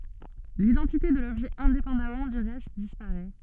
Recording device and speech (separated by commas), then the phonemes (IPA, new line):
soft in-ear microphone, read sentence
lidɑ̃tite də lɔbʒɛ ɛ̃depɑ̃damɑ̃ dy ʁɛst dispaʁɛ